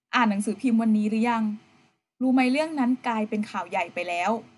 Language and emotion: Thai, neutral